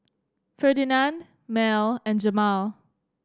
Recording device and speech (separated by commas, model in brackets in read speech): standing microphone (AKG C214), read sentence